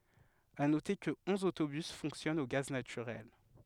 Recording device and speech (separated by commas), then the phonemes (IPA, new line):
headset microphone, read sentence
a note kə ɔ̃z otobys fɔ̃ksjɔnt o ɡaz natyʁɛl